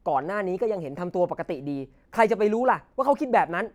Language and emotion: Thai, angry